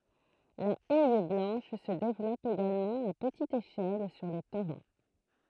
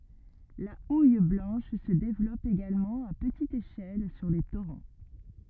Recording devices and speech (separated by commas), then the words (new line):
throat microphone, rigid in-ear microphone, read sentence
La houille blanche se développe également à petite échelle sur les torrents.